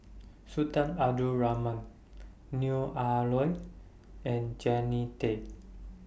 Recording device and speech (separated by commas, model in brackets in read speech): boundary microphone (BM630), read sentence